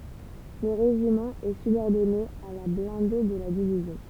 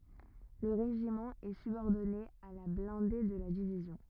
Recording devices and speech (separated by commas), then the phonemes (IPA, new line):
temple vibration pickup, rigid in-ear microphone, read sentence
lə ʁeʒimɑ̃ ɛ sybɔʁdɔne a la blɛ̃de də la divizjɔ̃